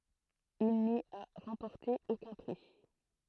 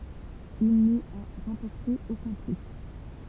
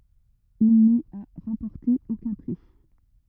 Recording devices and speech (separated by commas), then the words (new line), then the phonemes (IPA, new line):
throat microphone, temple vibration pickup, rigid in-ear microphone, read sentence
Il n'y a remporté aucun prix.
il ni a ʁɑ̃pɔʁte okœ̃ pʁi